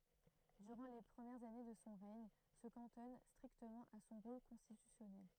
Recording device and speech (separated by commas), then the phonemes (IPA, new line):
throat microphone, read sentence
dyʁɑ̃ le pʁəmjɛʁz ane də sɔ̃ ʁɛɲ sə kɑ̃tɔn stʁiktəmɑ̃ a sɔ̃ ʁol kɔ̃stitysjɔnɛl